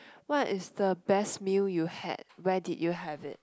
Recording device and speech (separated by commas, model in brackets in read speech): close-talking microphone, conversation in the same room